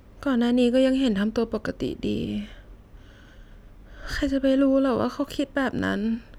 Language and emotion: Thai, sad